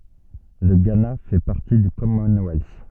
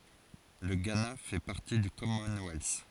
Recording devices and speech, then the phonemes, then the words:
soft in-ear microphone, forehead accelerometer, read sentence
lə ɡana fɛ paʁti dy kɔmɔnwɛls
Le Ghana fait partie du Commonwealth.

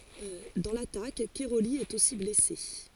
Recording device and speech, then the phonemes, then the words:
forehead accelerometer, read sentence
dɑ̃ latak kɛʁoli ɛt osi blɛse
Dans l'attaque, Cairoli est aussi blessé.

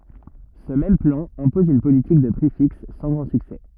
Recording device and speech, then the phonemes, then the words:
rigid in-ear microphone, read sentence
sə mɛm plɑ̃ ɛ̃pɔz yn politik də pʁi fiks sɑ̃ ɡʁɑ̃ syksɛ
Ce même plan, impose une politique de prix fixe, sans grand succès.

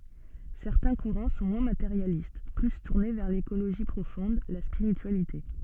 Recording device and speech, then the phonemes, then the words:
soft in-ear microphone, read sentence
sɛʁtɛ̃ kuʁɑ̃ sɔ̃ mwɛ̃ mateʁjalist ply tuʁne vɛʁ lekoloʒi pʁofɔ̃d la spiʁityalite
Certains courants sont moins matérialistes, plus tournés vers l'écologie profonde, la spiritualité.

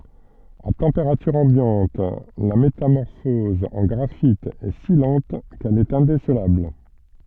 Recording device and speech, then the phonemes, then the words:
soft in-ear microphone, read sentence
a tɑ̃peʁatyʁ ɑ̃bjɑ̃t la metamɔʁfɔz ɑ̃ ɡʁafit ɛ si lɑ̃t kɛl ɛt ɛ̃desəlabl
À température ambiante, la métamorphose en graphite est si lente qu'elle est indécelable.

